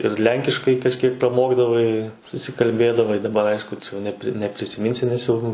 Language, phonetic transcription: Lithuanian, ir ˈlenkiškai kažˈkiek praˈmokdavai susikalˈbėdavai daˈbar ˈaišku čia jau neˈpri neprisiˈminsi nes ˈjau

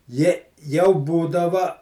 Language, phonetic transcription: Lithuanian, ˈje jau ˈbūdava

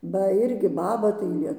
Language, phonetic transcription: Lithuanian, ˈba ˈ irgi ˈbaba tai ˈlie

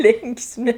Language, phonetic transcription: Lithuanian, ˈlinksmi

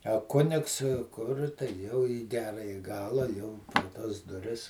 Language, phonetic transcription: Lithuanian, a ˈkunigs kur jau į ˈgeraji ˈgala jau per ˈtas duˈris

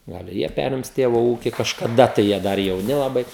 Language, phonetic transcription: Lithuanian, ˈgal i ˈjie ˈperims ˈtėvo ˈūki kažkaˈda tai jie ˈdar jauˈni laˈbai

